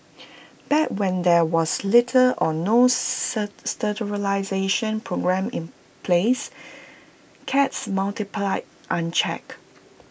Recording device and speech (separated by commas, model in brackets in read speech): boundary microphone (BM630), read sentence